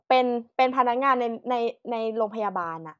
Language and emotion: Thai, neutral